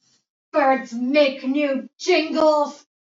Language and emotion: English, angry